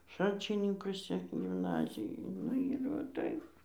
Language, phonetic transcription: Lithuanian, ˈšalčininkusi gimˈnazijoj ˈnu ir va ˈtaip

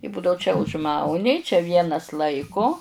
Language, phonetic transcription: Lithuanian, i ˈbudau čia užˈmauni čia ˈvienas ˈlaiku

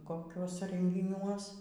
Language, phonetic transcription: Lithuanian, koˈkiuose rengiˈniuos

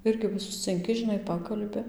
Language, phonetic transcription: Lithuanian, ˈirgi va suscinˈki žiˈnai ˈpakalbi

